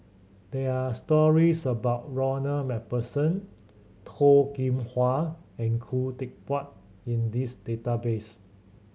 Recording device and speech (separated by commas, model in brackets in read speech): mobile phone (Samsung C7100), read sentence